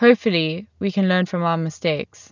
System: none